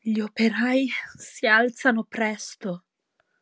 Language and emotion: Italian, fearful